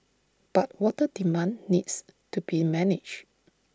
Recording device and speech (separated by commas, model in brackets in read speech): standing microphone (AKG C214), read sentence